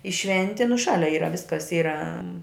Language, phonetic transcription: Lithuanian, i ˈšventi nu ˈšalia ˈyra ˈviskas ˈyra

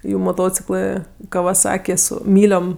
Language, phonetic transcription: Lithuanian, ˈjų moˈtociklɜ kavaˈsaki ˈsu ˈmyliom

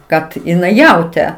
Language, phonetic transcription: Lithuanian, ˈkad iˈnai ˈjautė

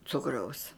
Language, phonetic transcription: Lithuanian, ˈcukraus

